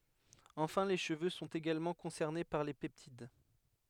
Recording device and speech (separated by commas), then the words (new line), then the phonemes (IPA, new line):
headset microphone, read sentence
Enfin les cheveux sont également concernés par les peptides.
ɑ̃fɛ̃ le ʃəvø sɔ̃t eɡalmɑ̃ kɔ̃sɛʁne paʁ le pɛptid